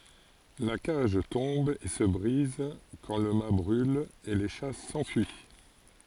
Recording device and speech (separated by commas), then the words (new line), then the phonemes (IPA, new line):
forehead accelerometer, read sentence
La cage tombe et se brise quand le mat brule, et les chats s'enfuient.
la kaʒ tɔ̃b e sə bʁiz kɑ̃ lə mat bʁyl e le ʃa sɑ̃fyi